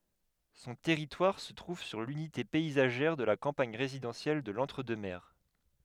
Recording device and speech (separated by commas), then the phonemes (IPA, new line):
headset microphone, read sentence
sɔ̃ tɛʁitwaʁ sə tʁuv syʁ lynite pɛizaʒɛʁ də la kɑ̃paɲ ʁezidɑ̃sjɛl də lɑ̃tʁ dø mɛʁ